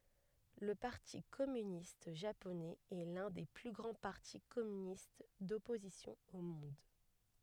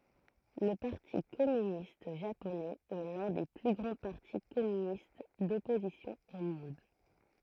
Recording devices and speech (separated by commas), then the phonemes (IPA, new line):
headset microphone, throat microphone, read sentence
lə paʁti kɔmynist ʒaponɛz ɛ lœ̃ de ply ɡʁɑ̃ paʁti kɔmynist dɔpozisjɔ̃ o mɔ̃d